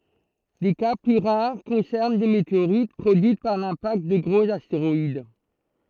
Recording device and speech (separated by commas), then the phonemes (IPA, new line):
throat microphone, read sentence
de ka ply ʁaʁ kɔ̃sɛʁn de meteoʁit pʁodyit paʁ lɛ̃pakt də ɡʁoz asteʁɔid